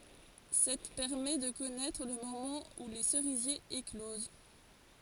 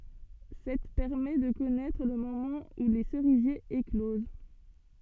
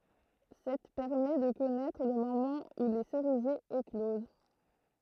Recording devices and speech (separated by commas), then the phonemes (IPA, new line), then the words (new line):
forehead accelerometer, soft in-ear microphone, throat microphone, read sentence
sɛt pɛʁmɛ də kɔnɛtʁ lə momɑ̃ u le səʁizjez ekloz
Cette permet de connaître le moment où les cerisiers éclosent.